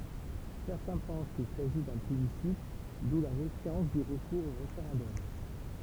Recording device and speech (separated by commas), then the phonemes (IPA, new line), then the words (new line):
temple vibration pickup, read sentence
sɛʁtɛ̃ pɑ̃s kil saʒi dœ̃ plebisit du la mefjɑ̃s dy ʁəkuʁz o ʁefeʁɑ̃dɔm
Certains pensent qu'il s'agit d'un plébiscite d'où la méfiance du recours au référendum.